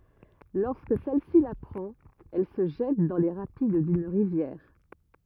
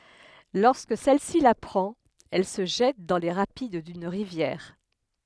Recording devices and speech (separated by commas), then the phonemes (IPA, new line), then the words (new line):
rigid in-ear microphone, headset microphone, read sentence
lɔʁskə sɛl si lapʁɑ̃t ɛl sə ʒɛt dɑ̃ le ʁapid dyn ʁivjɛʁ
Lorsque celle-ci l'apprend, elle se jette dans les rapides d'une rivière.